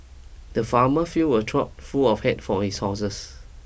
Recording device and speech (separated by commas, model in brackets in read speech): boundary microphone (BM630), read sentence